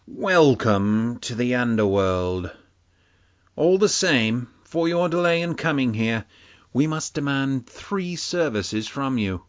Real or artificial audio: real